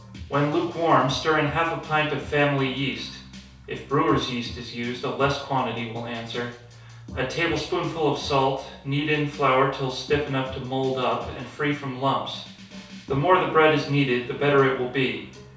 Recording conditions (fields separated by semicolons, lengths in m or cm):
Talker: one person; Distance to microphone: 3.0 m; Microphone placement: far; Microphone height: 1.8 m; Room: small (3.7 m by 2.7 m); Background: music